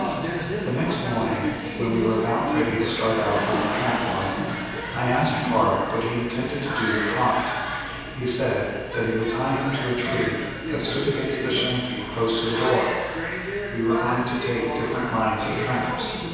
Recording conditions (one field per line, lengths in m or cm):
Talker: one person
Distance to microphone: 7.1 m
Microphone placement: far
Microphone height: 1.7 m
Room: very reverberant, large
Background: television